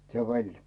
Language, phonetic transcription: Finnish, se 'veĺ .
- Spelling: se veli

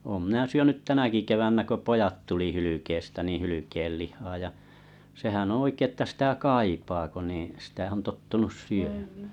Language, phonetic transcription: Finnish, oom minä 'syönyt 'tänäki 'kevännä ko 'pojat tuli 'hylykeestä niiⁱ̰ 'hylykellih̀aa ja , sehän ‿on̬ 'oikei että sⁱtä "kaipaa ko nì , sⁱtä on 'tottunus 'syömᴀ̈ᴀ̈ .
- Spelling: olen minä syönyt tänäkin keväänä kun pojat tuli hylkeestä niin hylkeenlihaa ja sehän on oikein että sitä kaipaa kun niin sitä on tottunut syömään

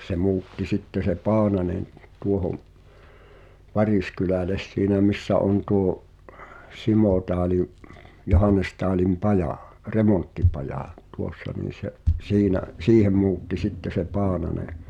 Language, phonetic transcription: Finnish, se 'mu̬utti 'sitte se "Paananen , tuohom , "Varìskylä̀les siinä missä on tuo’ , "Simòtaalim , 'Johanestaalim "pajà , 'remonttipajà , tuossa niin̬ se’ , 'siinä’ , "siihem̆ mu̬utti 'sitte se "Paanane .
- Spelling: se muutti sitten se Paananen tuohon Variskylälle siinä missä on tuo Simotaalin Johanestaalin paja remonttipaja tuossa niin se siinä siihen muutti sitten se Paananen

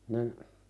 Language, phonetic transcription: Finnish, nin ,.
- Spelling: niin

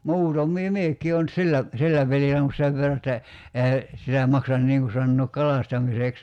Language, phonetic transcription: Finnish, 'muutom̆mii "miek̀ii on , 'sillä , 'sillä peli (soanu) 'sev verra että , 'ehä , sitä 'maksan 'niiŋ ku sannook "kalastamiseks .
- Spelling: muutamia minäkin olen sillä sillä pelin saanut sen verran että eihän sitä maksa niin kuin sanoa kalastamiseksi

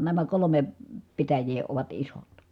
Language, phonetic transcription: Finnish, nämä kolome , pitäj̀ee ovat isot .
- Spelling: nämä kolme pitäjää ovat isot

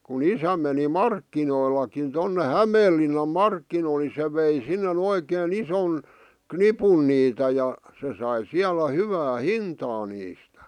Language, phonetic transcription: Finnish, ku'n ‿isä meni "markkinoilakin tonne "Hämeellinnam "markkinoil ni se vei sinnen ‿oikee'n ‿ison , "knipun niitä ja , se sai 'siälä 'hyvää "hintaa niistᴀ̈ .
- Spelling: kun isä meni markkinoillekin tuonne Hämeenlinnan markkinoille niin se vei sinne oikein ison nipun niitä ja se sai siellä hyvää hintaa niistä

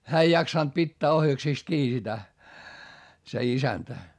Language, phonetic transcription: Finnish, hää ei jaksant pittää ohjaksìst kii sitä , se isäntä .
- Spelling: hän ei jaksanut pitää ohjaksista kiinni sitä se isäntä

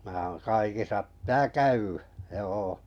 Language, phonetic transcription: Finnish, mää oon 'kaikisa , ptää "käywᴀ̈ , 'joo .
- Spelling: minä olen kaikissa pitää käydä joo

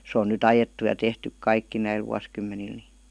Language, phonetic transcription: Finnish, 'sᵉ on nyt "ajettu ja "tehtyk "kaikki 'näil vuaskymmenil ni .
- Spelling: se on nyt ajettu ja tehty kaikki näillä vuosikymmenillä niin

